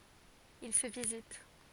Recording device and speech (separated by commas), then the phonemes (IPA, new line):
forehead accelerometer, read sentence
il sə vizit